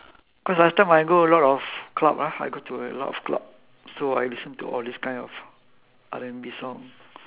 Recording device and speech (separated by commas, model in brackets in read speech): telephone, conversation in separate rooms